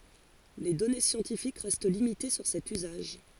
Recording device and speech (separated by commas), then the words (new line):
forehead accelerometer, read sentence
Les données scientifiques restent limitées sur cet usage.